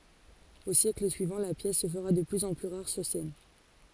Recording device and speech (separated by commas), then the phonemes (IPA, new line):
forehead accelerometer, read sentence
o sjɛkl syivɑ̃ la pjɛs sə fəʁa də plyz ɑ̃ ply ʁaʁ syʁ sɛn